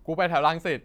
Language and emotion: Thai, neutral